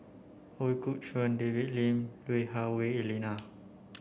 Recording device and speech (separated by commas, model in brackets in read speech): boundary microphone (BM630), read sentence